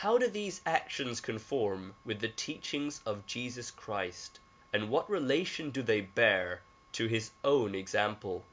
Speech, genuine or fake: genuine